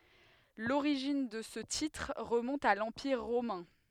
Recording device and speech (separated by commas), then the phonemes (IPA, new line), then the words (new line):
headset microphone, read sentence
loʁiʒin də sə titʁ ʁəmɔ̃t a lɑ̃piʁ ʁomɛ̃
L'origine de ce titre remonte à l'Empire romain.